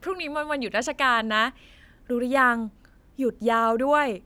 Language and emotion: Thai, happy